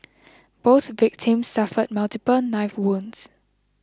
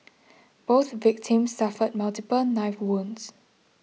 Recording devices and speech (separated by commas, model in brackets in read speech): close-talking microphone (WH20), mobile phone (iPhone 6), read sentence